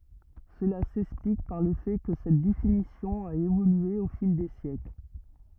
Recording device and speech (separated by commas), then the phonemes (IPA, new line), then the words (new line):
rigid in-ear microphone, read sentence
səla sɛksplik paʁ lə fɛ kə sɛt definisjɔ̃ a evolye o fil de sjɛkl
Cela s'explique par le fait que cette définition a évolué au fil des siècles.